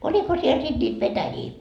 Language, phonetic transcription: Finnish, 'oĺiko siel sit ńiit "petäjii ? »
- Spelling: oliko siellä sitten niitä petäjiä

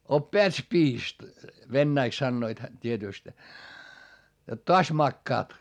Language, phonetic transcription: Finnish, » op"peät spiist » vennäiks sannoit hä- , t́ietỳst , jot toas makkaat .
- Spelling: oppeät spiist venäjäksi sanoivat - tietysti jotta taas makaat

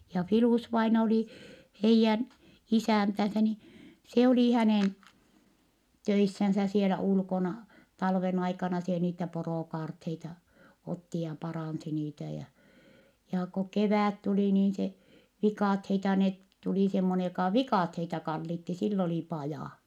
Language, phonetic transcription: Finnish, ja Filùs-vaina oli , heijjän , isä̀ntänsä ni , se olì hänèn , töissänsä sielä ulkona , talven ‿aikana se niitä poròkaartheita , otti ja parànsi niitä ja , jaa ko kevä̀t tulì niin se , vikàtheita net , tuli semmonej jokà vikàtheita kallitti - sill ‿oli pajà .
- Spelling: ja Filus-vainaja oli heidän isäntänsä niin se oli hänen töissään siellä ulkona talven aikana se niitä porokaarteita otti ja paransi niitä ja ja kun kevät tuli niin se viikatteita ne tuli semmoinen joka viikatteita kallitsi sillä oli paja

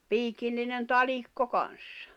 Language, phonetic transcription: Finnish, 'piikillinen "talikko 'kan̬ssᴀ .
- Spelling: piikillinen talikko kanssa

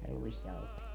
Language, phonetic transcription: Finnish, ja 'ruisjauhost .
- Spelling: ja ruisjauhosta

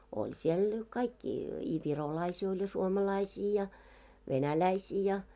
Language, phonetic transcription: Finnish, 'oĺ siel , 'kaikki , i 'virolaisii oĺ ja 'suomalaisii ja , 'venäläisii ja .
- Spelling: oli siellä kaikki i virolaisia oli ja suomalaisia ja venäläisiä ja

